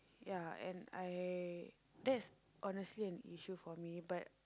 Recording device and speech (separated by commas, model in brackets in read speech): close-talking microphone, conversation in the same room